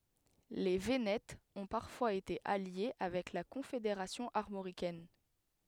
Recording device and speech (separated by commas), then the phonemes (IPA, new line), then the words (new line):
headset microphone, read sentence
le venɛtz ɔ̃ paʁfwaz ete alje avɛk la kɔ̃fedeʁasjɔ̃ aʁmoʁikɛn
Les Vénètes ont parfois été alliés avec la Confédération armoricaine.